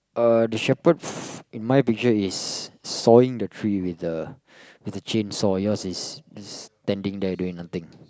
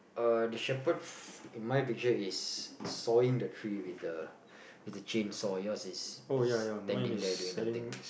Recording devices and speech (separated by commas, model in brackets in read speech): close-talking microphone, boundary microphone, conversation in the same room